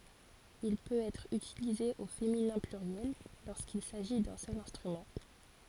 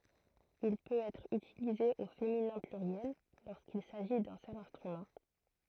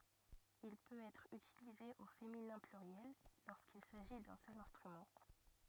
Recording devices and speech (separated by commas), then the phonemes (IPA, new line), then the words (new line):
forehead accelerometer, throat microphone, rigid in-ear microphone, read sentence
il pøt ɛtʁ ytilize o feminɛ̃ plyʁjɛl loʁskil saʒi dœ̃ sœl ɛ̃stʁymɑ̃
Il peut être utilisé au féminin pluriel lorsqu'il s'agit d'un seul instrument.